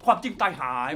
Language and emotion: Thai, neutral